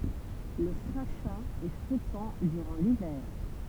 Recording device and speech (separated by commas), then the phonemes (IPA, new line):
temple vibration pickup, read sentence
lə kʁaʃɛ̃ ɛ fʁekɑ̃ dyʁɑ̃ livɛʁ